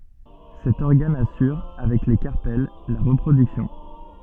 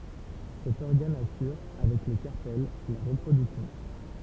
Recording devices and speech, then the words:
soft in-ear microphone, temple vibration pickup, read sentence
Cet organe assure avec les carpelles la reproduction.

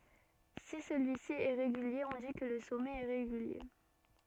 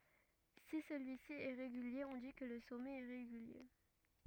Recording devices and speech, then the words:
soft in-ear microphone, rigid in-ear microphone, read sentence
Si celui-ci est régulier on dit que le sommet est régulier.

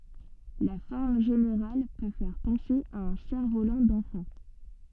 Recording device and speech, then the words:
soft in-ear microphone, read sentence
La forme générale peut faire penser à un cerf-volant d'enfant.

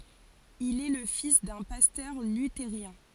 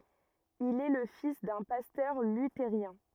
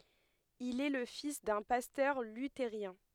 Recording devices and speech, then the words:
forehead accelerometer, rigid in-ear microphone, headset microphone, read sentence
Il est le fils d'un pasteur luthérien.

